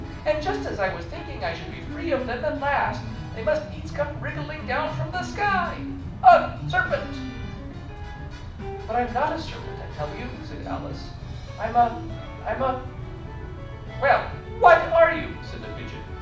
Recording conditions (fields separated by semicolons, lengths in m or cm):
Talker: one person; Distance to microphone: 5.8 m; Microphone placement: far; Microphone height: 1.8 m; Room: medium-sized (5.7 m by 4.0 m); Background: music